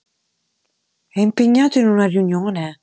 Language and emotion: Italian, surprised